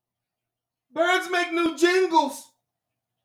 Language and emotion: English, fearful